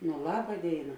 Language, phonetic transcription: Lithuanian, nu ˈlaba ˈdėina

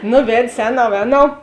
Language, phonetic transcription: Lithuanian, ˈnu ˈved's' ˈēˌnau ˈēˌnau

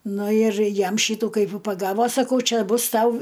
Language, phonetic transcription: Lithuanian, ˈnu ir ˈjam ˈšytų ˈkaip v paˈgavo saˈkau ˈčia ˈbus ˈtau

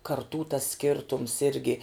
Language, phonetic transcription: Lithuanian, karˈtų tas ˈskirtums ˈirgi

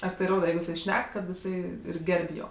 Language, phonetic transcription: Lithuanian, ar ˈtai ˈroda ˈjeigu jiˈsai ˈšnek kad jiˈsai ir ˈgerb' ˈjo

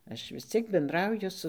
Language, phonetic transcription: Lithuanian, ˈaš vis ˈciek benˈdrauju su

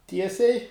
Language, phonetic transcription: Lithuanian, ˈtiesiai

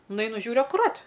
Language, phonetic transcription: Lithuanian, nuˈainu ˈžiūriu akuˈrat

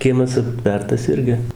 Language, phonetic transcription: Lithuanian, ˈkiemas apˈtvertas ˈirgi

